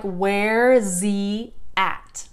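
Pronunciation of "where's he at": This is fast speech: 'where is' is shortened to 'where's', and the h in 'he' is dropped.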